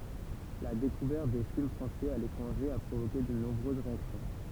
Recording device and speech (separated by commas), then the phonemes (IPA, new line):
temple vibration pickup, read sentence
la dekuvɛʁt de film fʁɑ̃sɛz a letʁɑ̃ʒe a pʁovoke də nɔ̃bʁøz ʁeaksjɔ̃